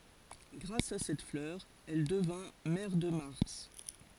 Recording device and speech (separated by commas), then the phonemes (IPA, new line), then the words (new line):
forehead accelerometer, read sentence
ɡʁas a sɛt flœʁ ɛl dəvɛ̃ mɛʁ də maʁs
Grâce à cette fleur, elle devint mère de Mars.